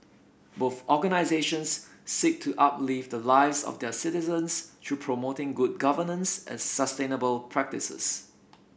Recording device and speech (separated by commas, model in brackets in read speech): boundary microphone (BM630), read sentence